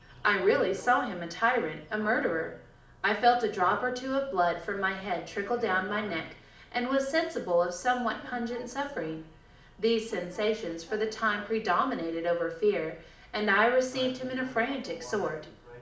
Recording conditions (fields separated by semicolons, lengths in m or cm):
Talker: one person; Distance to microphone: 2.0 m; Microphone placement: close; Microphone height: 99 cm; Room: medium-sized (5.7 m by 4.0 m); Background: television